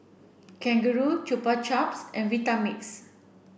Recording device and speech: boundary microphone (BM630), read sentence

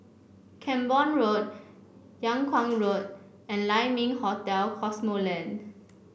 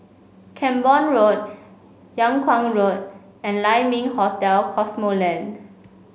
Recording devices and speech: boundary microphone (BM630), mobile phone (Samsung C5), read sentence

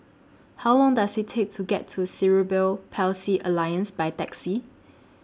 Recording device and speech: standing microphone (AKG C214), read sentence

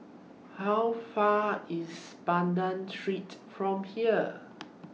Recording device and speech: mobile phone (iPhone 6), read sentence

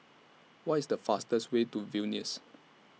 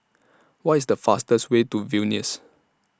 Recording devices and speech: mobile phone (iPhone 6), standing microphone (AKG C214), read sentence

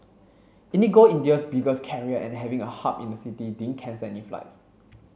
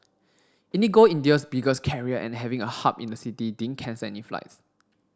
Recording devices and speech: mobile phone (Samsung C7), standing microphone (AKG C214), read sentence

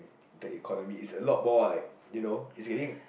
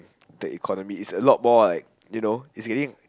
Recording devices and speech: boundary microphone, close-talking microphone, conversation in the same room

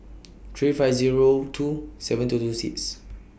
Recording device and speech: boundary microphone (BM630), read sentence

